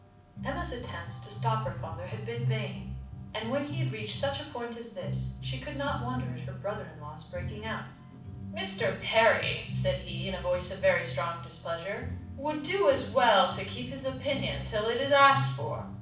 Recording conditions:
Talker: one person; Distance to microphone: 5.8 m; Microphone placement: far; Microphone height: 1.8 m; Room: medium-sized (5.7 m by 4.0 m); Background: music

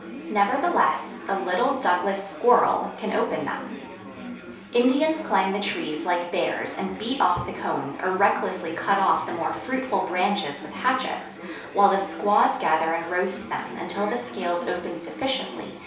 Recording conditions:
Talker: one person; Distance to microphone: 3.0 m; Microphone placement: far; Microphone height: 1.8 m; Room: small (3.7 m by 2.7 m); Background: babble

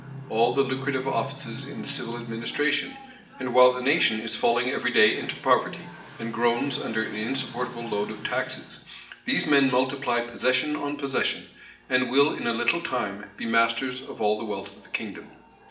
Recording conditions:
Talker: one person; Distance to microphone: 1.8 m; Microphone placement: close; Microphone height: 1.0 m; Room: large; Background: television

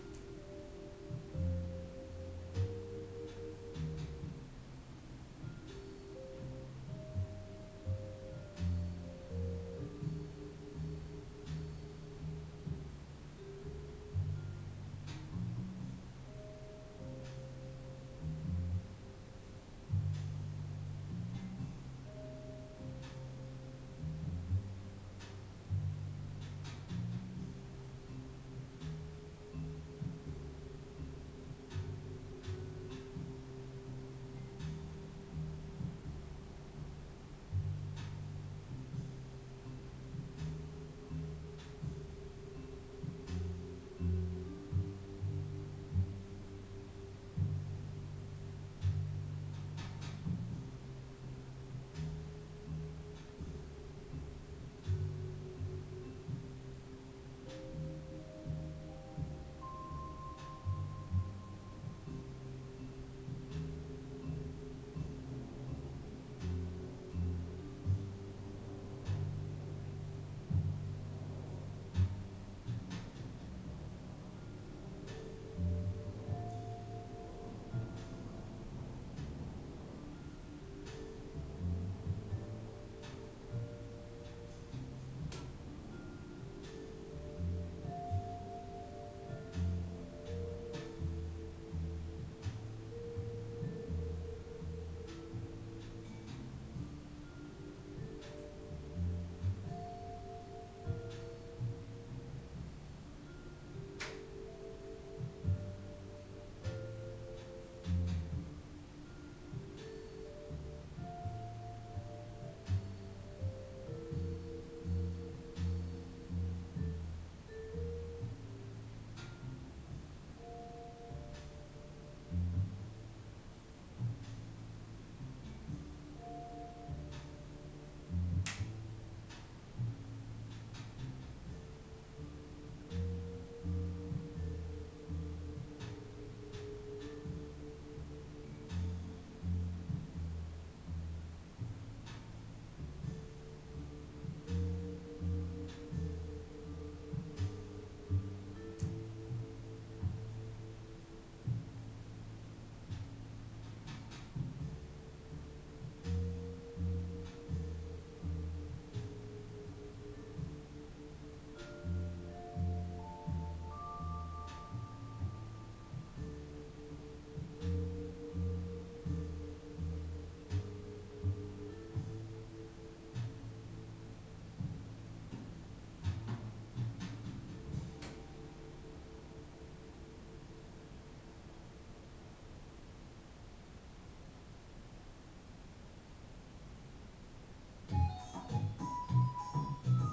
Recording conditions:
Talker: no one; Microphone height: 1.1 m; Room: small (3.7 m by 2.7 m); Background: music

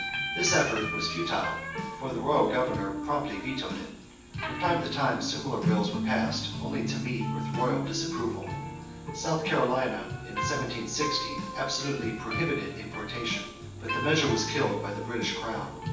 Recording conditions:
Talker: one person; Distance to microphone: 9.8 m; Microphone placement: far; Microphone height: 1.8 m; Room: large; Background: music

